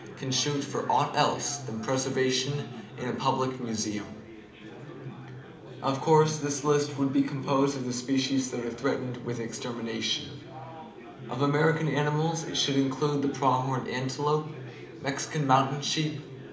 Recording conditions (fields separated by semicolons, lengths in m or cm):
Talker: one person; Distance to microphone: 2.0 m; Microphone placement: close; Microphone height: 99 cm; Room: medium-sized (5.7 m by 4.0 m); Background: babble